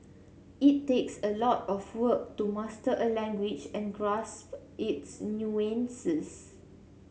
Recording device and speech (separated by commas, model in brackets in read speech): mobile phone (Samsung C7), read sentence